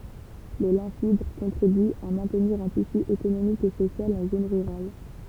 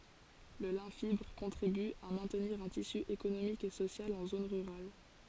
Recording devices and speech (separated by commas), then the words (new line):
temple vibration pickup, forehead accelerometer, read sentence
Le lin fibre contribue à maintenir un tissu économique et social en zones rurales.